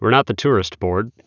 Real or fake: real